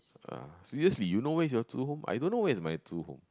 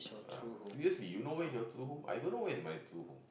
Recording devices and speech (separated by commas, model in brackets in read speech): close-talking microphone, boundary microphone, conversation in the same room